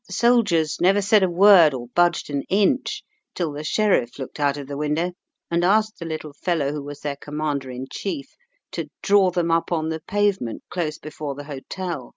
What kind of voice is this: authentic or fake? authentic